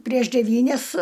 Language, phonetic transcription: Lithuanian, prieš deˈvynias

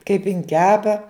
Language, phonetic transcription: Lithuanian, kaip in ˈkepa

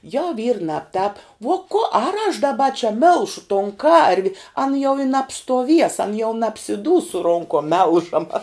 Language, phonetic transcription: Lithuanian, jau vyr ˈnabˌtāp vo ko ar aš daˈba čia ˈmilšu ton ˈkarvi an jau i nabstuoˈvies an jau nabsiˈdūs su ˈronkom ˈmelžama

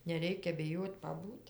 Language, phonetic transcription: Lithuanian, neˈreikia biˈjot' paˈbūt'

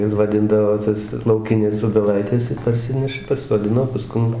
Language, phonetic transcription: Lithuanian, ir vaˈdindavo ˈtas lauˈkines obeˈlaites ir parˈsineša pasisoˈdino paˈskum

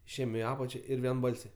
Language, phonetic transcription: Lithuanian, išˈėjem i ˈapačia ˈir vienˈbalsiai

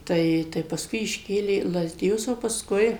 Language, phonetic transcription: Lithuanian, ˈtai tai pasˈkui išˈkėlė į lazdiˈjus o pasˈkui

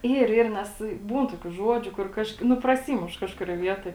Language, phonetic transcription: Lithuanian, ˈyr ˈyr ˈnes ˈbūn ˈtokių ˈžuodžiu kur ˈkažk nu praˈsymuš ˈkažkurioj ˈvietoj

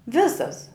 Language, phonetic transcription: Lithuanian, ˈvisas

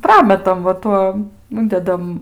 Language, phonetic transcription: Lithuanian, ˈprametam va ˈtuom ˈundedam

